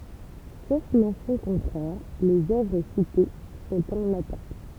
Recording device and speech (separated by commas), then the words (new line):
temple vibration pickup, read sentence
Sauf mention contraire, les œuvres citées sont en latin.